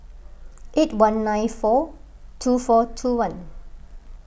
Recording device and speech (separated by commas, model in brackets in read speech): boundary microphone (BM630), read sentence